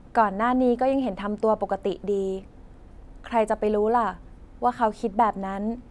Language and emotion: Thai, neutral